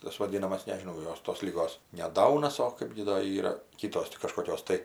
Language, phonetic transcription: Lithuanian, tas vaˈdynamas nežiˈnau ˈjos tos liˈgos ne ˈdaunas o ˈkaip gi ˈdo ˈyra ˈkytos ti kažkoˈkios tai

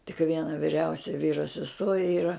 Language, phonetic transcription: Lithuanian, tik ˈviena viˈriausia ˈvyro seˈsuo ˈyra

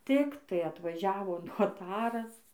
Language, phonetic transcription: Lithuanian, ˈtiktai atvaˈžiavo noˈtaras

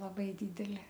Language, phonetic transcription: Lithuanian, laˈbai ˈdydeli

